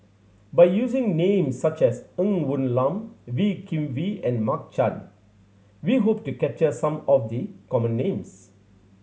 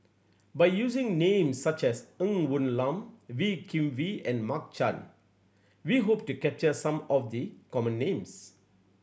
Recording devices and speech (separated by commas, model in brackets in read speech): mobile phone (Samsung C7100), boundary microphone (BM630), read sentence